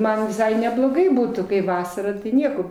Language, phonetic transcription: Lithuanian, ˈman viˈsai nebloˈgai ˈbūtų kai ˈvasara ˈnieko

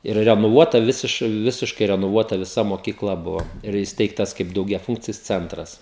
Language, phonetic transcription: Lithuanian, ir renoˈvuota ˈvisiš ˈvisiškai renoˈvuota viˈsa mokykˈla ˈbuvo ir įsˈteigtas kaip daugiaˈfūnkcis ˈcentras

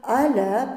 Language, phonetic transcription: Lithuanian, aˈle

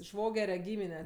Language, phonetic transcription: Lithuanian, ˈšvogere ˈgymine

